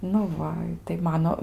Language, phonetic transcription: Lithuanian, nu ˈva tai ˈmano

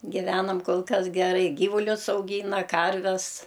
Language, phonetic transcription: Lithuanian, giˈvenam ˈkol ˈkas geˈrai ˈgyvulius auˈgyna ˈkarves

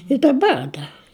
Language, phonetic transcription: Lithuanian, i daˈbar ˈdar

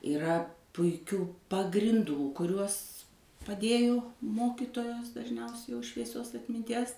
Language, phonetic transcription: Lithuanian, iˈra puiˈkių pagrinˈdų kuˈriuos paˈdėjo ˈmokitojos dažˈniausiai jau švieˈsios atminˈties

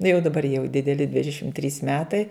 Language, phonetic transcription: Lithuanian, nu jau daˈbar jau dideˈli ˈdvidešim trys ˈmetai

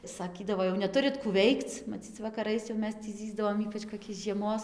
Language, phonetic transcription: Lithuanian, saˈkydavo jau neˈturit kų ˈveikc maˈcyc vakaˈrais jau ˈmes tį ˈzyzdavom ˈypač koˈkiais žieˈmos

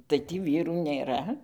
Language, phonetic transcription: Lithuanian, tai ˈtį ˈvyrų nėˈra

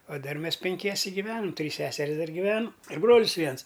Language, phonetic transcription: Lithuanian, o ˈdar ˈmes penˈkiese giˈvenam ˈtrys ˈseseris ˈdar giˈvenu ir ˈbrolis ˈviens

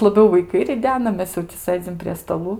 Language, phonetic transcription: Lithuanian, laˈbiau vaiˈkai riˈdena ˈmes jau ti ˈsɘdzim prie staˈlų

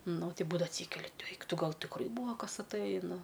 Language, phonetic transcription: Lithuanian, ˈnu ˈti ˈbūdava atˈsykeli ˈeik ˈtu ˈgal tikˈrai ˈbūva ˈkas atˈɘji nu

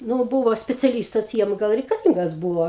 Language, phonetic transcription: Lithuanian, ˈnu ˈbūvo speciaˈlystas ˈjiem ˈgal reikaˈlyngas ˈbūvo

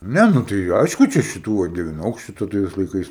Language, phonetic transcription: Lithuanian, ˈne ˈnu tai ˈaišku ˈčia šiˈtų va devinˈaukščiu taˈda tais laiˈkais

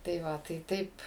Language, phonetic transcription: Lithuanian, tai ˈva tai ˈtaip

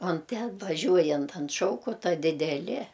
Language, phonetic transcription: Lithuanian, on ˈten vaˈžiuojant ant ˈšaukota dideˈli

